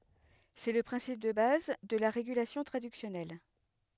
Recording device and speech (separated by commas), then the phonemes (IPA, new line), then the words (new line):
headset microphone, read sentence
sɛ lə pʁɛ̃sip də baz də la ʁeɡylasjɔ̃ tʁadyksjɔnɛl
C'est le principe de base de la régulation traductionnelle.